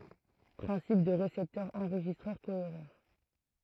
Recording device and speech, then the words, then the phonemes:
throat microphone, read sentence
Principe du récepteur enregistreur cohéreur.
pʁɛ̃sip dy ʁesɛptœʁ ɑ̃ʁʒistʁœʁ koeʁœʁ

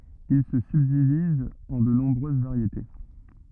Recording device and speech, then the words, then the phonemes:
rigid in-ear microphone, read sentence
Il se subdivise en de nombreuses variétés.
il sə sybdiviz ɑ̃ də nɔ̃bʁøz vaʁjete

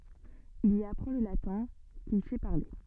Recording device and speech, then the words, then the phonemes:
soft in-ear microphone, read sentence
Il y apprend le latin, qu'il sait parler.
il i apʁɑ̃ lə latɛ̃ kil sɛ paʁle

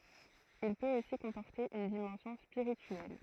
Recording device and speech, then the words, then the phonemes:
throat microphone, read sentence
Il peut aussi comporter une dimension spirituelle.
il pøt osi kɔ̃pɔʁte yn dimɑ̃sjɔ̃ spiʁityɛl

